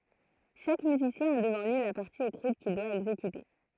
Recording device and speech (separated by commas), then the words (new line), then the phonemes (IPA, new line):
throat microphone, read sentence
Chaque musicien a devant lui la partie écrite qu'il doit exécuter.
ʃak myzisjɛ̃ a dəvɑ̃ lyi la paʁti ekʁit kil dwa ɛɡzekyte